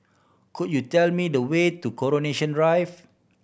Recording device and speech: boundary microphone (BM630), read sentence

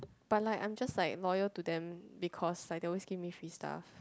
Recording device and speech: close-talking microphone, conversation in the same room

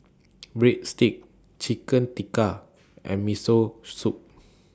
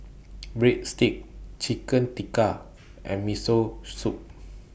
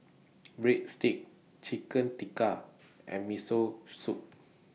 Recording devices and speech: standing microphone (AKG C214), boundary microphone (BM630), mobile phone (iPhone 6), read sentence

